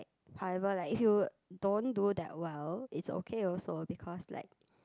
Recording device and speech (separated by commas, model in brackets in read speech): close-talking microphone, conversation in the same room